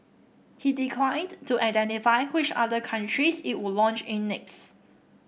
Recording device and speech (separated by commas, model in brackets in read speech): boundary microphone (BM630), read sentence